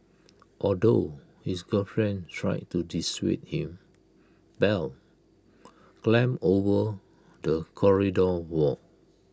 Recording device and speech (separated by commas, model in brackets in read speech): close-talking microphone (WH20), read sentence